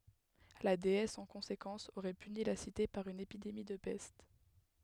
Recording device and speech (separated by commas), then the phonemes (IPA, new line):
headset microphone, read sentence
la deɛs ɑ̃ kɔ̃sekɑ̃s oʁɛ pyni la site paʁ yn epidemi də pɛst